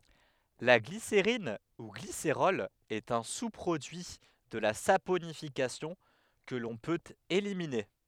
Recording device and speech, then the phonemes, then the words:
headset microphone, read sentence
la ɡliseʁin u ɡliseʁɔl ɛt œ̃ su pʁodyi də la saponifikasjɔ̃ kə lɔ̃ pøt elimine
La glycérine ou glycérol est un sous-produit de la saponification que l'on peut éliminer.

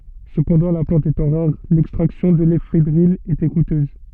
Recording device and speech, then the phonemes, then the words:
soft in-ear microphone, read sentence
səpɑ̃dɑ̃ la plɑ̃t etɑ̃ ʁaʁ lɛkstʁaksjɔ̃ də lefedʁin etɛ kutøz
Cependant, la plante étant rare, l'extraction de l'éphédrine était coûteuse.

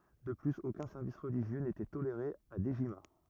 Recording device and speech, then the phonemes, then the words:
rigid in-ear microphone, read sentence
də plyz okœ̃ sɛʁvis ʁəliʒjø netɛ toleʁe a dəʒima
De plus, aucun service religieux n’était toléré à Dejima.

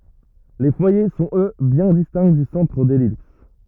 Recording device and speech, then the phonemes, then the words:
rigid in-ear microphone, read sentence
le fwaje sɔ̃t ø bjɛ̃ distɛ̃ dy sɑ̃tʁ də lɛlips
Les foyers sont eux bien distincts du centre de l'ellipse.

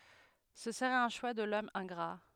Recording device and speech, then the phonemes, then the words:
headset microphone, read sentence
sə səʁɛt œ̃ ʃwa də lɔm ɛ̃ɡʁa
Ce serait un choix de l'homme ingrat.

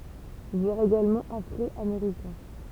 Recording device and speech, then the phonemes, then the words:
temple vibration pickup, read sentence
vwaʁ eɡalmɑ̃ afʁɔameʁikɛ̃
Voir également Afro-Américains.

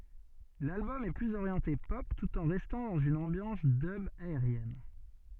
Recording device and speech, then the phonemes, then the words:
soft in-ear microphone, read sentence
lalbɔm ɛ plyz oʁjɑ̃te pɔp tut ɑ̃ ʁɛstɑ̃ dɑ̃z yn ɑ̃bjɑ̃s dœb aeʁjɛn
L'album est plus orienté pop tout en restant dans une ambiance dub aérienne.

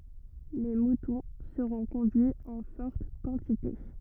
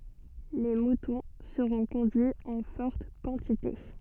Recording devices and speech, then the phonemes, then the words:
rigid in-ear microphone, soft in-ear microphone, read sentence
le mutɔ̃ səʁɔ̃ kɔ̃dyiz ɑ̃ fɔʁt kɑ̃tite
Les moutons seront conduits en fortes quantités.

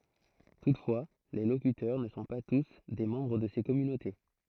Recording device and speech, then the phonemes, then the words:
throat microphone, read sentence
tutfwa le lokytœʁ nə sɔ̃ pa tus de mɑ̃bʁ də se kɔmynote
Toutefois, les locuteurs ne sont pas tous des membres de ces communautés.

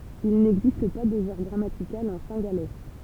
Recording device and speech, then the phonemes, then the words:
temple vibration pickup, read sentence
il nɛɡzist pa də ʒɑ̃ʁ ɡʁamatikal ɑ̃ sɛ̃ɡalɛ
Il n’existe pas de genre grammatical en cingalais.

